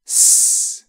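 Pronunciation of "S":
A hissing s sound, made with air.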